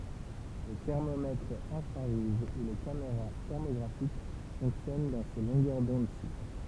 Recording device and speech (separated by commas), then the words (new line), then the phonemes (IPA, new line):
temple vibration pickup, read sentence
Les thermomètres infrarouges ou les caméras thermographiques fonctionnent dans ces longueurs d'onde-ci.
le tɛʁmomɛtʁz ɛ̃fʁaʁuʒ u le kameʁa tɛʁmoɡʁafik fɔ̃ksjɔn dɑ̃ se lɔ̃ɡœʁ dɔ̃dsi